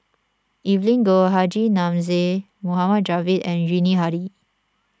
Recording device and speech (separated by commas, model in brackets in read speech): standing microphone (AKG C214), read sentence